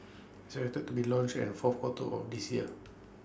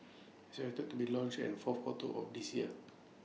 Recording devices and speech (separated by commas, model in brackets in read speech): standing microphone (AKG C214), mobile phone (iPhone 6), read sentence